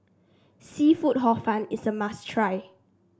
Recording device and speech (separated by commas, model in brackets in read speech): standing microphone (AKG C214), read sentence